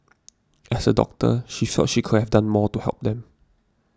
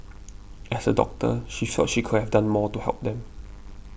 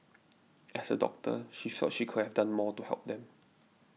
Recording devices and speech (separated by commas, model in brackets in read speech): standing microphone (AKG C214), boundary microphone (BM630), mobile phone (iPhone 6), read sentence